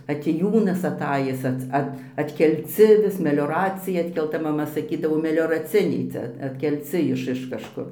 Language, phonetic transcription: Lithuanian, atėˈjūnas aˈtajis ˈats ˈat atkelˈci vis melioˈracija atkelˈta maˈma saˈkydavo melioraˈciniai ˈcia atkelˈci ˈiš iš kažˈkur

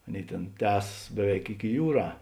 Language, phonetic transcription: Lithuanian, ˈaˌnėi ˈtėn ˈtęsas ˈbeˌveik iki ˈjūˌrā

